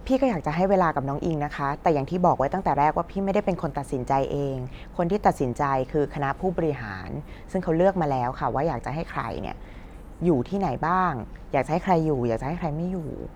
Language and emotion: Thai, neutral